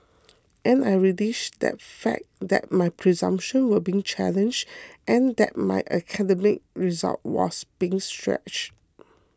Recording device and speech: close-talking microphone (WH20), read sentence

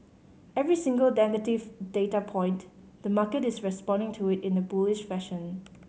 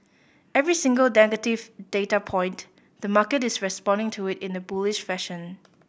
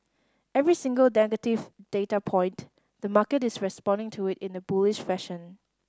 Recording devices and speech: mobile phone (Samsung C5010), boundary microphone (BM630), standing microphone (AKG C214), read sentence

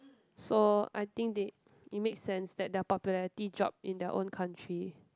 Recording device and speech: close-talking microphone, conversation in the same room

